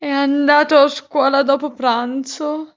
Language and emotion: Italian, sad